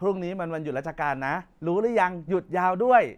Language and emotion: Thai, happy